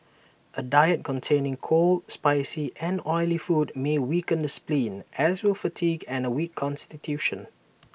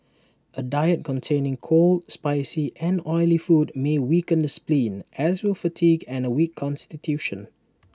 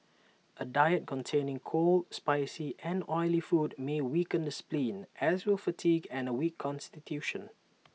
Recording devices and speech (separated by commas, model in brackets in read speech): boundary microphone (BM630), standing microphone (AKG C214), mobile phone (iPhone 6), read sentence